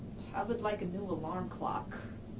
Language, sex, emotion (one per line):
English
female
neutral